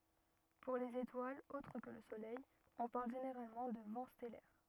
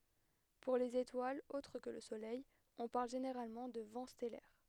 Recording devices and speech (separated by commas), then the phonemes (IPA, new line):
rigid in-ear microphone, headset microphone, read sentence
puʁ lez etwalz otʁ kə lə solɛj ɔ̃ paʁl ʒeneʁalmɑ̃ də vɑ̃ stɛlɛʁ